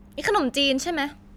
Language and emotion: Thai, frustrated